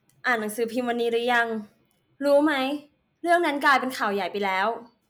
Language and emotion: Thai, neutral